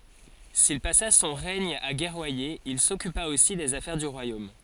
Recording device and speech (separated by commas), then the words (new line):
forehead accelerometer, read sentence
S'il passa son règne à guerroyer, il s'occupa aussi des affaires du royaume.